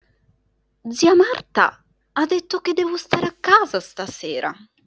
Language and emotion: Italian, surprised